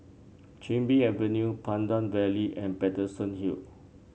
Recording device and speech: mobile phone (Samsung C7), read sentence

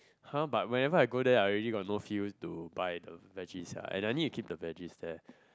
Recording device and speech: close-talking microphone, conversation in the same room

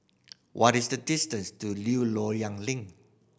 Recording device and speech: boundary microphone (BM630), read sentence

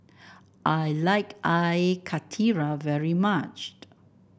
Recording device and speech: boundary microphone (BM630), read sentence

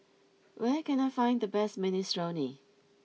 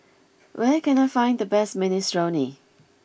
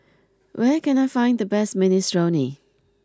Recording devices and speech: mobile phone (iPhone 6), boundary microphone (BM630), close-talking microphone (WH20), read sentence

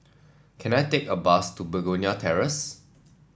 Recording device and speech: standing microphone (AKG C214), read sentence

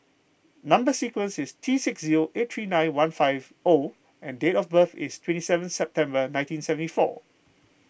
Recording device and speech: boundary microphone (BM630), read sentence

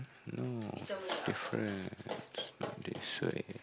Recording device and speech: close-talking microphone, conversation in the same room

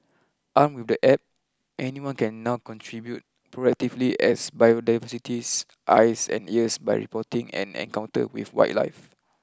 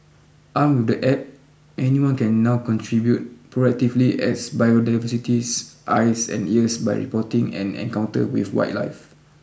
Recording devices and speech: close-talking microphone (WH20), boundary microphone (BM630), read sentence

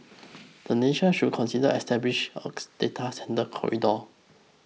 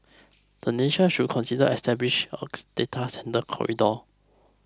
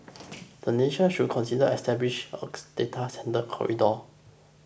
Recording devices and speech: mobile phone (iPhone 6), close-talking microphone (WH20), boundary microphone (BM630), read sentence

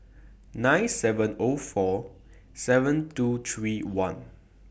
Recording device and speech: boundary microphone (BM630), read sentence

